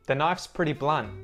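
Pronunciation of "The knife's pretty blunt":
At the end of 'blunt', the T after the N is muted.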